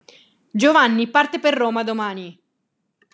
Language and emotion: Italian, angry